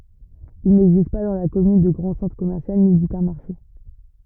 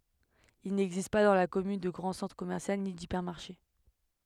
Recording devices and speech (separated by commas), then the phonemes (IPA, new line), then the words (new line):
rigid in-ear microphone, headset microphone, read sentence
il nɛɡzist pa dɑ̃ la kɔmyn də ɡʁɑ̃ sɑ̃tʁ kɔmɛʁsjal ni dipɛʁmaʁʃe
Il n'existe pas dans la commune de grand centre commercial, ni d'hypermarché.